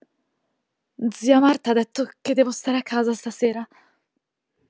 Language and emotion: Italian, fearful